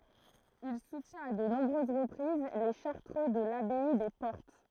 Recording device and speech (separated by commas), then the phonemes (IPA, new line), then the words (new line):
throat microphone, read sentence
il sutjɛ̃t a də nɔ̃bʁøz ʁəpʁiz le ʃaʁtʁø də labɛi de pɔʁt
Il soutient à de nombreuses reprises les Chartreux de l'abbaye des Portes.